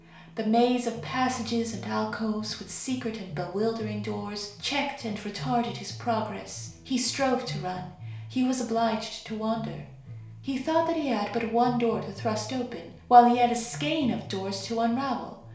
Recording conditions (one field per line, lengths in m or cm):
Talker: one person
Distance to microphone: 1.0 m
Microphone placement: close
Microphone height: 1.1 m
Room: small (3.7 m by 2.7 m)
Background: music